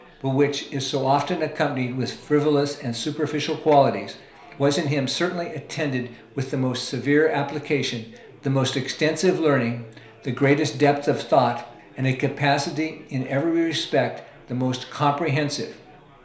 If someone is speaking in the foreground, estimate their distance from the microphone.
1.0 m.